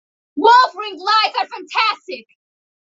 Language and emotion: English, neutral